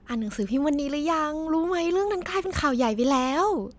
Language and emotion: Thai, happy